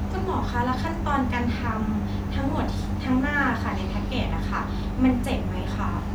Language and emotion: Thai, neutral